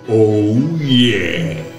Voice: deep, slow voice